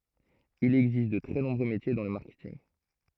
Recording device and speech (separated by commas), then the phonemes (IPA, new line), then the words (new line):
throat microphone, read sentence
il ɛɡzist də tʁɛ nɔ̃bʁø metje dɑ̃ lə maʁkɛtinɡ
Il existe de très nombreux métiers dans le marketing.